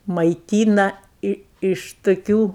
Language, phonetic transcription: Lithuanian, maiˈtyna ˈi iš tuˈkių

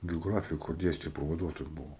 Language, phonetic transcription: Lithuanian, geoˈgrafija kur ˈdėstė pavaˈduotoju ˈbuvo

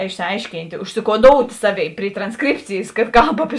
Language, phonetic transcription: Lithuanian, išsiˈaiškynt' ušsikoˈdout' ˈsaˌvėi pri tranˈskripcėjės kad ˈkalb api

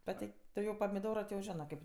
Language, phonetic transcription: Lithuanian, ˈbet tai ˈtu jau pamiˈdoro ti jau ˈžinɜ ˈkaip

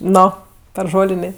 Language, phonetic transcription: Lithuanian, ˈno per ˈžolinė

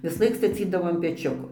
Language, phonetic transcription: Lithuanian, visˈlaik staˈcydavo an peˈčiuko

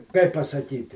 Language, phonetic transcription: Lithuanian, ˈkaip pasaˈkyti

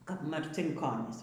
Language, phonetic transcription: Lithuanian, kap marcinˈkonys

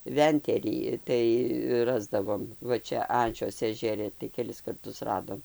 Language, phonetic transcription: Lithuanian, ˈventerį ˈtai ˈrasdavom ˈva ˈčia ˈančios ežeˈri tai keˈlis karˈtus ˈradom

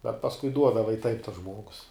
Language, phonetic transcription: Lithuanian, bet pasˈkui ˈduodava i taip tas ˈžmuogus

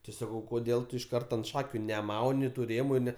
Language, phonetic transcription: Lithuanian, ti ˈsakau koˈdėl tu iš ˈkarta ant ˈšakiu neˈmauni tu ˈrėmu ˈne

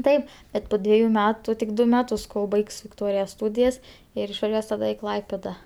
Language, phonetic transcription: Lithuanian, ˈtaip ˈbet po ˈdvieju ˈmetu tik ˈdu ˈmetus kol ˈbaigs vikˈtorija ˈstūdijas ˈir išvaˈžiuos taˈda i ˈklaipėda

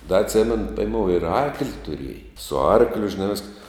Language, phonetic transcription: Lithuanian, da atˈsemenu peiˈmou ir ˈarkli tuˈrieja su ˈarkliu žiˈna visk

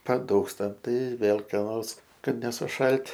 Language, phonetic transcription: Lithuanian, paˈdūkstam ˈtai ˈvėl ka ˈnors ˈkad nesuˈšalt'

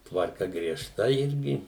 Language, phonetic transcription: Lithuanian, tvarˈka grieˈžta ˈirgi

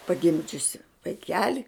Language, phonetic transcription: Lithuanian, paˈgimdžiusi vaiˈkeli

